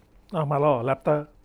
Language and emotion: Thai, neutral